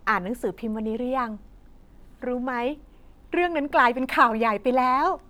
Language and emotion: Thai, happy